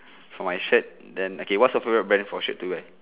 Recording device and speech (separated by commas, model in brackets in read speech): telephone, conversation in separate rooms